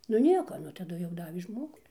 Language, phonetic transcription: Lithuanian, nu ˈnieko ˈnu taˈdu jau ˈdavė ˈžmogu

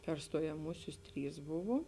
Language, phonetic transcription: Lithuanian, per stojaˈmūsius ˈtrys ˈbuvo

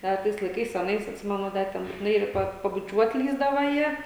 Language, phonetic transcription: Lithuanian, ˈda tais laiˈkais aˈnais atˈsimenu ˈda ten butiˈnai ˈpa pabuˈčiuot ˈlįsdava ˈjie

